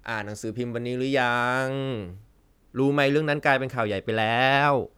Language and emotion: Thai, frustrated